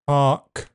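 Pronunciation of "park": In 'park', the final k is aspirated, and a glottal stop comes just before it.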